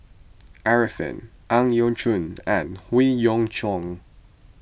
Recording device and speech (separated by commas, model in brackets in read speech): boundary microphone (BM630), read sentence